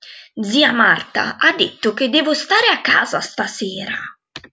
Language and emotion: Italian, angry